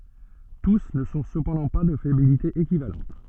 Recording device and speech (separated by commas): soft in-ear microphone, read sentence